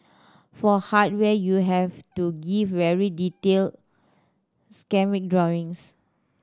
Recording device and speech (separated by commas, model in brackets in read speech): standing microphone (AKG C214), read sentence